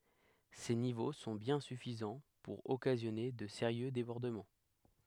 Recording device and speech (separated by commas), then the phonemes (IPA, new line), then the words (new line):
headset microphone, read sentence
se nivo sɔ̃ bjɛ̃ syfizɑ̃ puʁ ɔkazjɔne də seʁjø debɔʁdəmɑ̃
Ces niveaux sont bien suffisants pour occasionner de sérieux débordements.